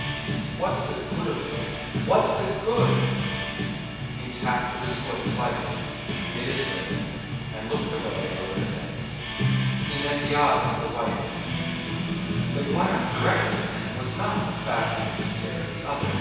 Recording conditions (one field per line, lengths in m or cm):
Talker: one person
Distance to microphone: 7.1 m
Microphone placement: far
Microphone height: 1.7 m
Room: very reverberant, large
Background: music